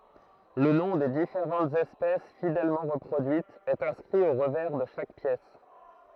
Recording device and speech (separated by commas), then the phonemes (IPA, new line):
throat microphone, read sentence
lə nɔ̃ de difeʁɑ̃tz ɛspɛs fidɛlmɑ̃ ʁəpʁodyitz ɛt ɛ̃skʁi o ʁəvɛʁ də ʃak pjɛs